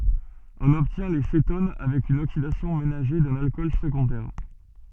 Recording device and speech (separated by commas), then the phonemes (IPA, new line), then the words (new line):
soft in-ear microphone, read sentence
ɔ̃n ɔbtjɛ̃ le seton avɛk yn oksidasjɔ̃ menaʒe dœ̃n alkɔl səɡɔ̃dɛʁ
On obtient les cétones avec une oxydation ménagée d'un alcool secondaire.